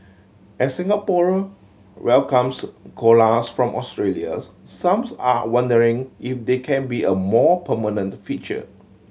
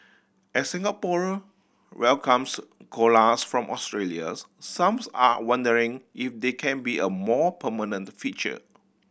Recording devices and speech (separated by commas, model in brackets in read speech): mobile phone (Samsung C7100), boundary microphone (BM630), read sentence